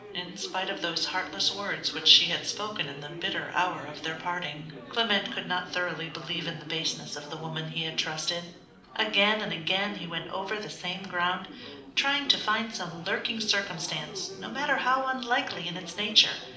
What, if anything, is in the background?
Crowd babble.